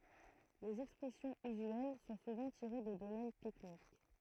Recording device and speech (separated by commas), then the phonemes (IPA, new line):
throat microphone, read sentence
lez ɛkspʁɛsjɔ̃z yzyɛl sɔ̃ suvɑ̃ tiʁe də domɛn tɛknik